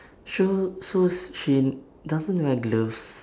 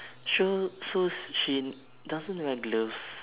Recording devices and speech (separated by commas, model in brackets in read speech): standing microphone, telephone, conversation in separate rooms